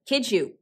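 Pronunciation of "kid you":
In 'kid you', the d sound at the end of 'kid' and the y sound at the start of 'you' merge through coalescence, so the two sounds are not said separately.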